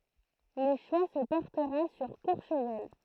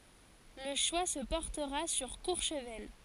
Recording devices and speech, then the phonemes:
throat microphone, forehead accelerometer, read sentence
lə ʃwa sə pɔʁtəʁa syʁ kuʁʃvɛl

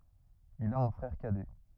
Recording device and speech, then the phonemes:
rigid in-ear microphone, read sentence
il a œ̃ fʁɛʁ kadɛ

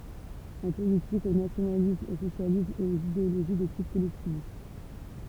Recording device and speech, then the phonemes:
temple vibration pickup, read sentence
ɑ̃ politik o nasjonalism o sosjalism e oz ideoloʒi də tip kɔlɛktivist

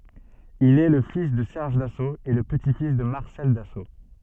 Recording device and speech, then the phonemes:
soft in-ear microphone, read sentence
il ɛ lə fis də sɛʁʒ daso e lə pəti fis də maʁsɛl daso

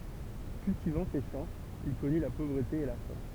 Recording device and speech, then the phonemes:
temple vibration pickup, read sentence
kyltivɑ̃ se ʃɑ̃ il kɔny la povʁəte e la fɛ̃

